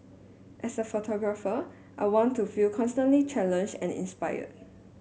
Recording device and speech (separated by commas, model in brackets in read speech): mobile phone (Samsung S8), read sentence